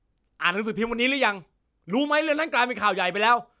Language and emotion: Thai, angry